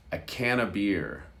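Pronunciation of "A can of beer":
In 'a can of beer', the word 'of' sounds like 'a'.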